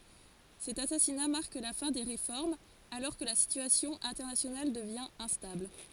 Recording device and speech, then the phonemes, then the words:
forehead accelerometer, read sentence
sɛt asasina maʁk la fɛ̃ de ʁefɔʁmz alɔʁ kə la sityasjɔ̃ ɛ̃tɛʁnasjonal dəvjɛ̃ ɛ̃stabl
Cet assassinat marque la fin des réformes, alors que la situation internationale devient instable.

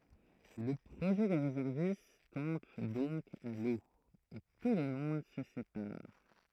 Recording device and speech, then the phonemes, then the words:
throat microphone, read sentence
lə pʁoʒɛ de ʁezɛʁvist tɔ̃b dɔ̃k a lo e tulmɔ̃d sə sepaʁ
Le projet des réservistes tombe donc à l’eau, et tout le monde se sépare.

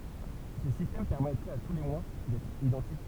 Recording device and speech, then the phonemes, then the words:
temple vibration pickup, read sentence
sə sistɛm pɛʁmɛtʁɛt a tu le mwa dɛtʁ idɑ̃tik
Ce système permettrait à tous les mois d'être identiques.

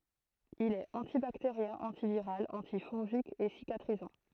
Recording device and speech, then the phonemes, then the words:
throat microphone, read sentence
il ɛt ɑ̃tibakteʁjɛ̃ ɑ̃tiviʁal ɑ̃tifɔ̃ʒik e sikatʁizɑ̃
Il est antibactérien, antiviral, antifongique et cicatrisant.

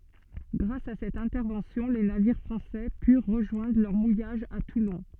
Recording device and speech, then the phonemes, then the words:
soft in-ear microphone, read sentence
ɡʁas a sɛt ɛ̃tɛʁvɑ̃sjɔ̃ le naviʁ fʁɑ̃sɛ pyʁ ʁəʒwɛ̃dʁ lœʁ mujaʒ a tulɔ̃
Grâce à cette intervention les navires français purent rejoindre leur mouillage à Toulon.

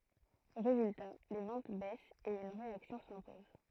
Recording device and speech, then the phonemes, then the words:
throat microphone, read sentence
ʁezylta le vɑ̃t bɛst e yn ʁeaksjɔ̃ sɛ̃pɔz
Résultat, les ventes baissent et une réaction s'impose.

